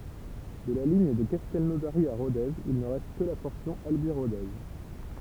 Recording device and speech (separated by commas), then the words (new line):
temple vibration pickup, read sentence
De la ligne de Castelnaudary à Rodez, il ne reste que la portion Albi-Rodez.